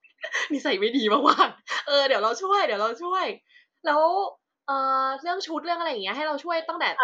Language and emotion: Thai, happy